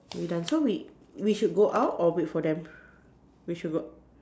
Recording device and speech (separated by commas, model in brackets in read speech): standing microphone, conversation in separate rooms